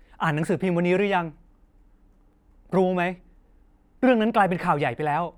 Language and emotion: Thai, frustrated